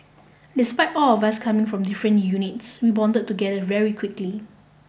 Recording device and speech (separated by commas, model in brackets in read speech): boundary microphone (BM630), read sentence